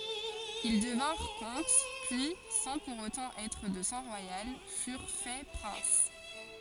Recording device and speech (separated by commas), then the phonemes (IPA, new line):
forehead accelerometer, read sentence
il dəvɛ̃ʁ kɔ̃t pyi sɑ̃ puʁ otɑ̃ ɛtʁ də sɑ̃ ʁwajal fyʁ fɛ pʁɛ̃s